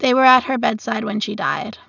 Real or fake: real